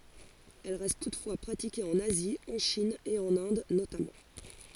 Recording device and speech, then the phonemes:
forehead accelerometer, read sentence
ɛl ʁɛst tutfwa pʁatike ɑ̃n azi ɑ̃ ʃin e ɑ̃n ɛ̃d notamɑ̃

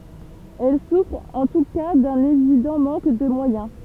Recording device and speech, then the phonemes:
temple vibration pickup, read sentence
ɛl sufʁt ɑ̃ tu ka dœ̃n evidɑ̃ mɑ̃k də mwajɛ̃

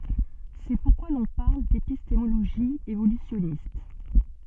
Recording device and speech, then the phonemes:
soft in-ear microphone, read sentence
sɛ puʁkwa lɔ̃ paʁl depistemoloʒi evolysjɔnist

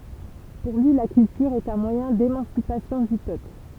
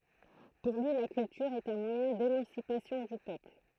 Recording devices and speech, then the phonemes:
temple vibration pickup, throat microphone, read sentence
puʁ lyi la kyltyʁ ɛt œ̃ mwajɛ̃ demɑ̃sipasjɔ̃ dy pøpl

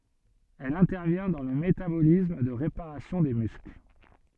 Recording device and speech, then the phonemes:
soft in-ear microphone, read sentence
ɛl ɛ̃tɛʁvjɛ̃ dɑ̃ lə metabolism də ʁepaʁasjɔ̃ de myskl

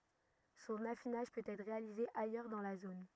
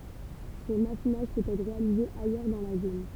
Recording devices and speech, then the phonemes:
rigid in-ear microphone, temple vibration pickup, read sentence
sɔ̃n afinaʒ pøt ɛtʁ ʁealize ajœʁ dɑ̃ la zon

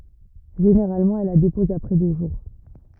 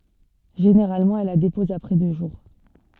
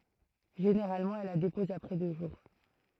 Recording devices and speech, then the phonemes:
rigid in-ear microphone, soft in-ear microphone, throat microphone, read sentence
ʒeneʁalmɑ̃ ɛl la depɔz apʁɛ dø ʒuʁ

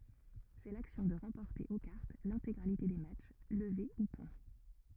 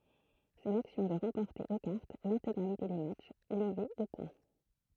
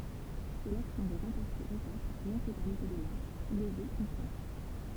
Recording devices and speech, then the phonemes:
rigid in-ear microphone, throat microphone, temple vibration pickup, read sentence
sɛ laksjɔ̃ də ʁɑ̃pɔʁte o kaʁt lɛ̃teɡʁalite de matʃ ləve u pwɛ̃

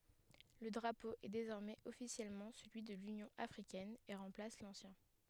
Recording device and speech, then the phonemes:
headset microphone, read sentence
lə dʁapo ɛ dezɔʁmɛz ɔfisjɛlmɑ̃ səlyi də lynjɔ̃ afʁikɛn e ʁɑ̃plas lɑ̃sjɛ̃

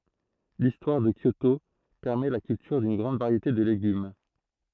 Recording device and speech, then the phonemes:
throat microphone, read sentence
listwaʁ də kjoto pɛʁmɛ la kyltyʁ dyn ɡʁɑ̃d vaʁjete də leɡym

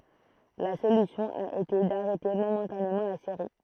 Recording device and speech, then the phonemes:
throat microphone, read sentence
la solysjɔ̃ a ete daʁɛte momɑ̃tanemɑ̃ la seʁi

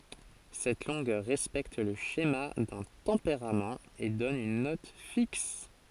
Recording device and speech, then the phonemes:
forehead accelerometer, read sentence
sɛt lɔ̃ɡœʁ ʁɛspɛkt lə ʃema dœ̃ tɑ̃peʁamt e dɔn yn nɔt fiks

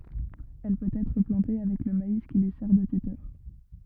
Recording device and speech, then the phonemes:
rigid in-ear microphone, read sentence
ɛl pøt ɛtʁ plɑ̃te avɛk lə mais ki lyi sɛʁ də tytœʁ

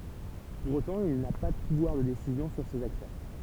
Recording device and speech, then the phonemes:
temple vibration pickup, read sentence
puʁ otɑ̃ il na pa də puvwaʁ də desizjɔ̃ syʁ sez aktœʁ

